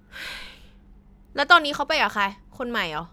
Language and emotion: Thai, frustrated